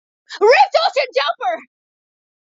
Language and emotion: English, surprised